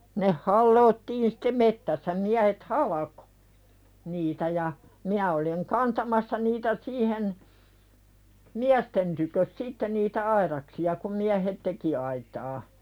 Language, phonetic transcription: Finnish, neh 'halloottiin sɪte "mettässä miähet "halakᴏ , niitä ja , minä oliŋ 'kantamassa niitä "siihen , "miästen tykös 'sitte niitä "aiðaksi₍a kum miähet "teki aitaa .
- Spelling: ne halottiin sitten metsässä miehet halkoi niitä ja minä olin kantamassa niitä siihen miesten tykö sitten niitä aidaksia kun miehet teki aitaa

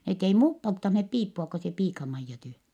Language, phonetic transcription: Finnish, net ei muup polttanhep piippua ko se piika-Maijja tyh(ä) .
- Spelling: ne ei muut polttaneet piippua kun se piika-Maija tyhjän

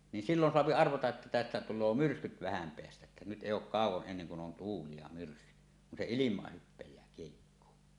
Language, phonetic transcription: Finnish, ni sillon soapi 'arvata’ ’ᵉttä tästä tul̆loo "myrskyt 'vähäm 'peästä ᵉttä nyt 'èij ‿òuk 'kàuw̆woˀ ˀenneŋ kun 'on "tuuli ja 'myrskyt , kun se "ilim̀aah hyppej̀ää kiehikkoo .
- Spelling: niin silloin saa arvata että tästä tulee myrskyt vähän päästä että nyt ei ole kauan ennen kuin on tuuli ja myrskyt kun se ilmaan hypää kiehikkoon

